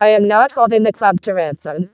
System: VC, vocoder